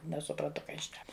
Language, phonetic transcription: Lithuanian, nesupranˈtu ˈkaˈ jis šnek

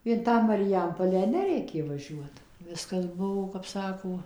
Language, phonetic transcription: Lithuanian, in ˈtą mariˈjampolę ˈnereikė ˈvažiuot ˈviskas ˈbuvo kap ˈsako

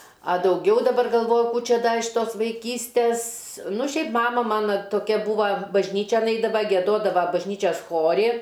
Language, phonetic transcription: Lithuanian, a dauˈgiau daˈbar galˈvoju ˈkų ˈčia iš ˈtos vaiˈkystės ˈnu ˈšiaip ˈmama ˈmana toˈkia ˈbūva bažˈnyčian ˈeidava gieˈdodava bažˈnyčias ˈchori

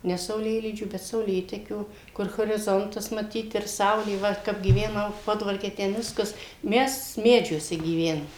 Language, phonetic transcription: Lithuanian, ˈne sauˈlėlydžių bet sauˈlėtekių ˈkur horiˈzontas maˈtyt ir ˈsaulė ˈva kap gyveˈnau ˈpodvarke ˈten ˈviskas ˈmes ˈmedžiuose gyˈvenom

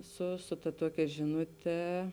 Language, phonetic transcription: Lithuanian, ˈsu su ta ˈtuokia ˈžinuˌte

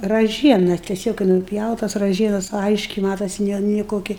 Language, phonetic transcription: Lithuanian, raˈžiena teˈsiog kai nuˈpjautas raˈžienas ˈaiškiai ˈmatosi ˈne ni ˈkoki

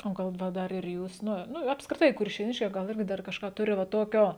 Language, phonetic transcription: Lithuanian, o ˈgal ˈva ˈdar ir ˈjūs ˈnu ˈnu apskriˈtai kuršėˈniškiai ˈgal ˈirgi ˈdar kažˈką ˈturi va ˈtokio

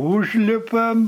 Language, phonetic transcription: Lithuanian, ˈūžlipam

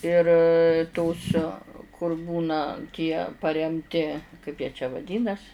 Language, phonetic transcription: Lithuanian, ir tos kur ˈbūna tie paremˈti kaip jie čia vaˈdynas

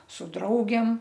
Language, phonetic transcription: Lithuanian, su ˈdraugėm

